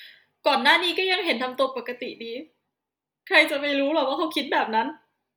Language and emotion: Thai, sad